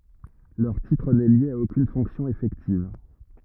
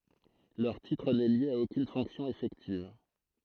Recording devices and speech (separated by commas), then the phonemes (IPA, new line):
rigid in-ear microphone, throat microphone, read sentence
lœʁ titʁ nɛ lje a okyn fɔ̃ksjɔ̃ efɛktiv